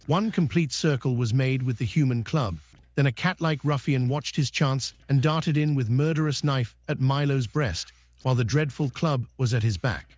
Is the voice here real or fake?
fake